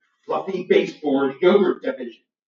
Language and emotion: English, angry